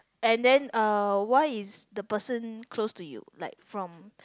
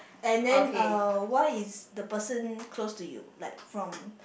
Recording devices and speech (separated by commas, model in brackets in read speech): close-talking microphone, boundary microphone, conversation in the same room